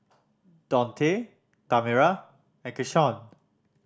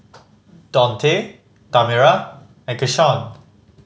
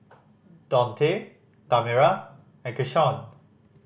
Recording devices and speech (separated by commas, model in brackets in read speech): standing microphone (AKG C214), mobile phone (Samsung C5010), boundary microphone (BM630), read sentence